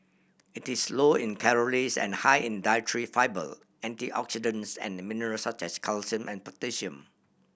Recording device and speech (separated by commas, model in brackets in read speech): boundary microphone (BM630), read sentence